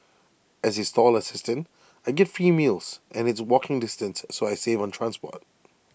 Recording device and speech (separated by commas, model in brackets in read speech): boundary microphone (BM630), read sentence